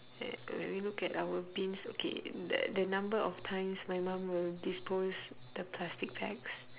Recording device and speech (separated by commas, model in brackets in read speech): telephone, conversation in separate rooms